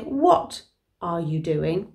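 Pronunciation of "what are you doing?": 'What are you doing?' is pronounced incorrectly here.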